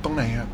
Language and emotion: Thai, neutral